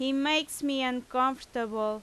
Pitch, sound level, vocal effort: 260 Hz, 90 dB SPL, very loud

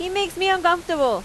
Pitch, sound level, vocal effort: 355 Hz, 93 dB SPL, very loud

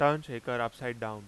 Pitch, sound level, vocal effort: 120 Hz, 93 dB SPL, loud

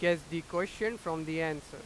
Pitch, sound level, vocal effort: 165 Hz, 96 dB SPL, very loud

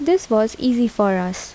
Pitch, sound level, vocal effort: 220 Hz, 78 dB SPL, soft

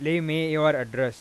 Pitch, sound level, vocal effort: 155 Hz, 95 dB SPL, loud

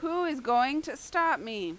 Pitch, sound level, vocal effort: 285 Hz, 95 dB SPL, very loud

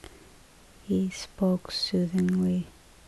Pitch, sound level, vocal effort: 170 Hz, 67 dB SPL, soft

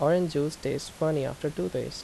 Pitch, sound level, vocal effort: 145 Hz, 81 dB SPL, normal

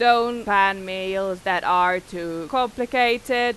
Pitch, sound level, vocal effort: 195 Hz, 96 dB SPL, very loud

